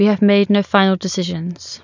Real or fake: real